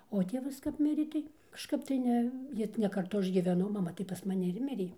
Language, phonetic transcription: Lithuanian, o ˈtėvas kap ˈmirė ˈtai kažˈkap tai ˈne ˈji ne karˈtu ˈaš gyveˈnau maˈma tai pas maˈni ir ˈmirė

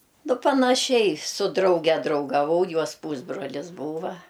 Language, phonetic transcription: Lithuanian, nu panaˈšiai su ˈdrauge draugaˈvau ˈjuos ˈpūsbrolis ˈbūva

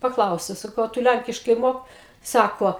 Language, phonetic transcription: Lithuanian, paˈklausiau saˈkau a ˈtu ˈlænkiškai ˈmok ˈsako

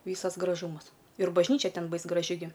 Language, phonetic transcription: Lithuanian, ˈvysas graˈžūmas ir bažˈnyčia ˈten ˈbais graˈži gi

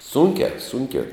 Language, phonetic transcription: Lithuanian, ˈsūnkiā ˈsunkiā

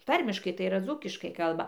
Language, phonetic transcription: Lithuanian, ˈtarmiškai tai yˈra ˈdzūkiškai ˈkalba

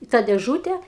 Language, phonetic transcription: Lithuanian, i tą dėˈžūte

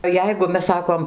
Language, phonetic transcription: Lithuanian, ˈjeigu ˈmes ˈsakom

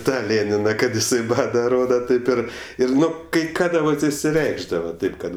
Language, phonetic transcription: Lithuanian, ˈtą ˈlėnina kad iˈsai ˈbada ˈroda ˈtaip ir ˈir ˈnu kai ˈkada kai ˈkada vat išsiˈreikšdava ˈtaip kad

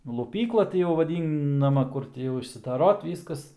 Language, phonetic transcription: Lithuanian, luˈpykla ˈti jau vaˈdynama ˈkur ti jau išsidaˈrot ˈvyskas

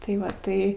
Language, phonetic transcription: Lithuanian, tai ˈva ˈtai

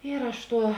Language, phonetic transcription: Lithuanian, ir ˈaš ˈtuo

